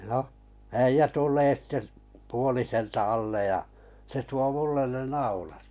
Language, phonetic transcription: Finnish, noh , 'äijä 'tul̀ee sitte p- , 'puoliselta 'allej ja , se 'tuo "mullen ne "naulat .
- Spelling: no äijä tulee sitten - puoliselta alle ja se tuo minulle ne naulat

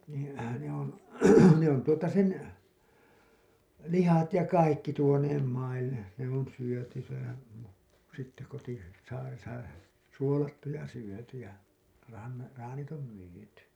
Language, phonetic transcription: Finnish, niin̬ , ne ‿on̬ , ne ‿on tuota 'sen , 'lihat ja "kaikki tuoneem maille , ne ‿on 'syöty , sehän , sitte koti- , "saaresa , "suolattu ja 'syöty ja , ran- , "raanit om 'myyty .
- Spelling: niin ne on ne on tuota sen lihat ja kaikki tuoneet maille ne on syöty sehän sitten - kotisaaressa suolattu ja syöty ja - traanit on myyty

